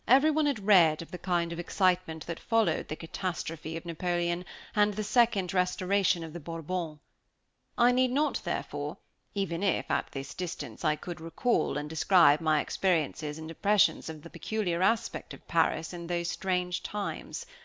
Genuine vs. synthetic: genuine